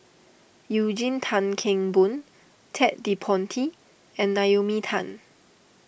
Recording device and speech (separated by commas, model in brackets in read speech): boundary microphone (BM630), read sentence